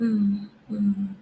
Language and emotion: Thai, frustrated